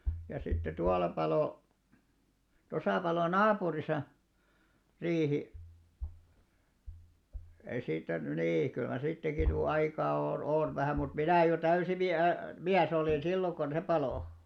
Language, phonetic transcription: Finnish, ja sitte 'tual̆la 'palo , 'tosà palò "naapurisa , 'riihi , ei siittä ny 'nii , kyllä 'siittäki ny 'aikaa o- "on vähä̀ mut 'minä̀ jo 'täysi 'mi- "miäs ‿olìn 'silloŋ kon "se palò .
- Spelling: ja sitten tuolla paloi tuossa paloi naapurissa riihi ei siitä nyt niin kyllä siitäkin nyt aikaa - on vähän mutta minä jo täysin - mies olin silloin kun se paloi

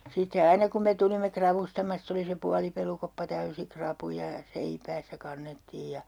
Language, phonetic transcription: Finnish, sitte 'aina kum me 'tulimme 'kravustamastᵃ se oli se 'pualipelukoppa "täysi "krapuja ja "seipäässä 'kannettiij ja , .
- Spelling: sitten aina kun me tulimme ravustamasta se oli se puolipelukoppa täysi rapuja ja seipäässä kannettiin ja

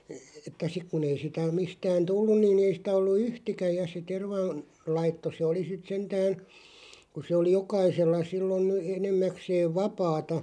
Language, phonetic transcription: Finnish, että 'sik kun ‿ei sitä 'mistään "tullun ni'n ‿ei sⁱtä ollu "yhtikä ja se 'terva- -n- , '-laitto 'se oli sit 'sentään̬ , kun̬ se oli 'jokaisella sillon , 'enemmäkseeᵛ "vapaata ,.
- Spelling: että sitten kun ei sitä mistään tullut niin ei sitä ollut yhtikäs ja se - - tervanlaitto se oli sitten sentään kun se oli jokaisella silloin enimmäkseen vapaata

